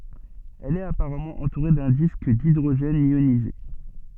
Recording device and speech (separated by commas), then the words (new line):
soft in-ear microphone, read sentence
Elle est apparemment entourée d'un disque d'hydrogène ionisé.